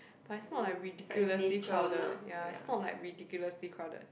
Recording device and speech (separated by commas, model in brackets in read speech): boundary microphone, conversation in the same room